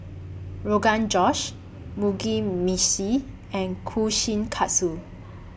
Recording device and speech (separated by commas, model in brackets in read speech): boundary microphone (BM630), read sentence